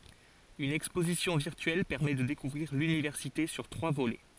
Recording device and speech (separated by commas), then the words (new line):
forehead accelerometer, read sentence
Une exposition virtuelle permet de découvrir l'université sur trois volets.